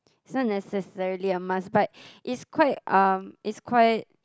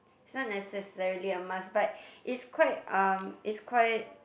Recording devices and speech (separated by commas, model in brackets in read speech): close-talking microphone, boundary microphone, conversation in the same room